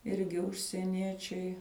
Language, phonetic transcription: Lithuanian, ˈirgi užsieˈniečiai

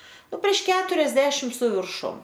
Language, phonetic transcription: Lithuanian, ˈnu prieš ˈketuriasdešim su virˈšum

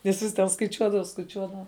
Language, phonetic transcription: Lithuanian, viˈsus ten skaiˈčiuodava skaiˈčiuodava

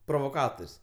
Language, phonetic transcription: Lithuanian, provoˈkator's'

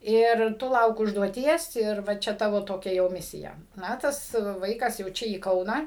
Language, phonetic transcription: Lithuanian, ir ˈtu ˈlauk užduoˈties ir ˈva ˈčia ˈtavo toˈkia jau ˈmisija ˈna ˈtas ˈvaikas jau ˈčia į ˈkauną

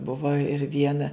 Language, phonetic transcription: Lithuanian, ˈbuvo ir ˈviena

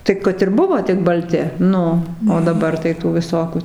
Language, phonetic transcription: Lithuanian, tai ˈkad ir ˈbuvo tik balˈti ˈnu o daˈbar tai ˈtų viˈsokių

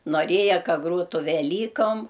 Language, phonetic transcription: Lithuanian, noˈrėja ˈka ˈgrotu veˈlykom

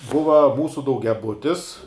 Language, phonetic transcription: Lithuanian, ˈbuva ˈmūsu daugiaˈbutis

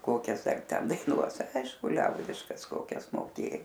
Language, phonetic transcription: Lithuanian, ˈkokias ar ˈten daiˈnuos ˈaišku ˈliaudiškas ˈkokias moˈkė

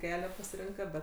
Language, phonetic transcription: Lithuanian, ˈkelią pasiˈrinka ˈbet

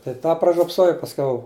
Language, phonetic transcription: Lithuanian, tai ˈtą pražiopˈsojau pasˈkiau

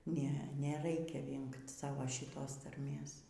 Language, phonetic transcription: Lithuanian, ˈne neˈraikia ˈvingt ˈsavo šiˈtos tarˈmės

